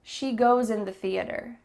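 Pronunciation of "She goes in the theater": In 'goes in', 'goes' links into 'in' with a z sound.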